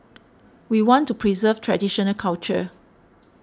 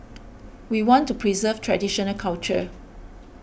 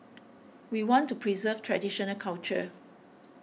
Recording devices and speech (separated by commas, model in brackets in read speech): standing microphone (AKG C214), boundary microphone (BM630), mobile phone (iPhone 6), read sentence